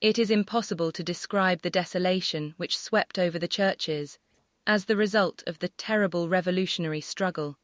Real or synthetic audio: synthetic